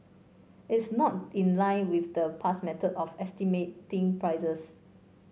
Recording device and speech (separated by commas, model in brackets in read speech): mobile phone (Samsung C5), read sentence